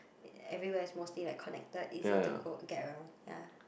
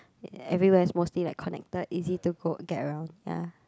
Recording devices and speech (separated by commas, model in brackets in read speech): boundary microphone, close-talking microphone, conversation in the same room